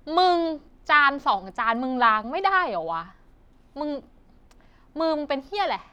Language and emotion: Thai, angry